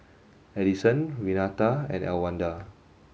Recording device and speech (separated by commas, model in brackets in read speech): mobile phone (Samsung S8), read sentence